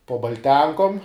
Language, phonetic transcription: Lithuanian, po balˈtenkom

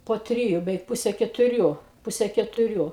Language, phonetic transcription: Lithuanian, po ˈtriju beˈveik ˈpuse ketuˈrių ˈpuse ketuˈrių

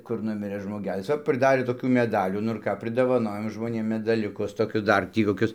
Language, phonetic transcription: Lithuanian, kur ˈnumirɘ žmoˈgelis ˈva priˈdarė toˈkių meˈdalių nu ir ˈką pridovaˈnojom žmoˈnėm medaˈliukus toˈkius ˈdar ˈtį koˈkius

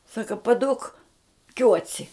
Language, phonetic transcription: Lithuanian, ˈsaka paˈduok ˈkiuoci

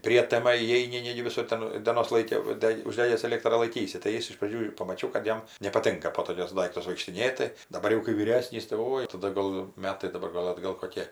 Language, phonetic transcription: Lithuanian, ˈprietema įˈeini ˈnegi viˈsur ˈten dėˈnos ˈlaiki va ˈdeg' užˈdegęs eˈlėktrą laiˈkysi tai ˈjis iš praˈdžių ir pamaˈčiau kad ˈjam nepaˈtinka po toˈkius ˈdaiktus vaikštiˈnėti daˈbar jau kai vyˈresnys tai ˈoi taˈda gal ˈmetai daˈbar ˈgal atˈgal koˈkė

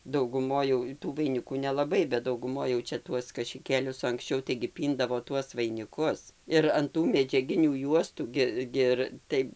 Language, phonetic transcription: Lithuanian, dauguˈmoj jau tų vaiˈnikų nelaˈbai bet dauguˈmoj jau ˈčia ˈtuos kašiˈkėlius o anksˈčiau taigi ˈpyndavo ˈtuos vainiˈkus ir an ˈtų medžiaˈginių ˈjuostų ˈgi gi ˈir ˈtai

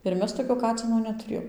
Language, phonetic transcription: Lithuanian, ir ˈmes toˈkio ˈkacino netuˈrėjom

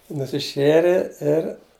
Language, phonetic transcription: Lithuanian, nusiˈšėre ir

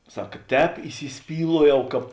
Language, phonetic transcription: Lithuanian, ˈsak ˈtēp įsiˈspyluojau ˈkāp

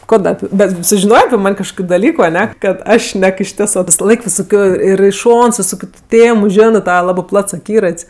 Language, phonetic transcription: Lithuanian, ˈko ˈda ˈapi bet sužiˈnojė api ˈman' kažˈkokiu daˈlyku aˈne kad ˈaš ˈšnek išˈtisɜ visaˈlaik visoˈkioj ir i ˈšons viˈsokiu tu ˈtėmu ˈženɜ ˈtava ˈlabɜ ˈplats aˈkyrat's'

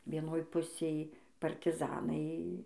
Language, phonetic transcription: Lithuanian, vieˈnoj ˈpusėj partiˈzanai

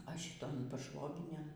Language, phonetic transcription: Lithuanian, a šiton paˈšvoginėn

